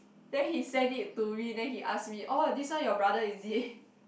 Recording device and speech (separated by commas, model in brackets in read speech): boundary microphone, conversation in the same room